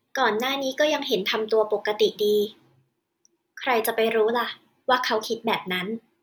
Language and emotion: Thai, neutral